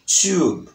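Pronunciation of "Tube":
In 'tube', the b at the end is very soft.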